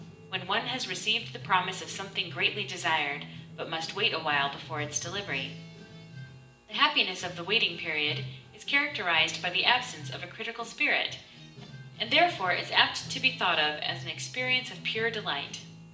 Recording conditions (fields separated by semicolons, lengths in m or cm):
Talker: one person; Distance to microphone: 1.8 m; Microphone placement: close; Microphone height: 1.0 m; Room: large; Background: music